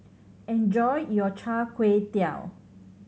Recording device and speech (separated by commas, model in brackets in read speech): mobile phone (Samsung C7100), read sentence